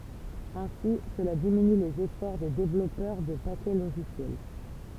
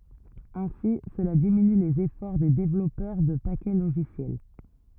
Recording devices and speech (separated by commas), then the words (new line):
temple vibration pickup, rigid in-ear microphone, read sentence
Ainsi, cela diminue les efforts des développeurs de paquets logiciels.